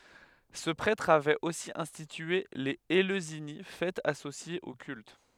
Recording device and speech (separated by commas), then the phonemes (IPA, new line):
headset microphone, read sentence
sə pʁɛtʁ avɛt osi ɛ̃stitye lez eløzini fɛtz asosjez o kylt